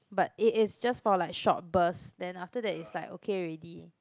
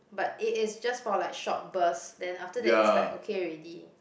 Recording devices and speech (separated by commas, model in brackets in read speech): close-talking microphone, boundary microphone, conversation in the same room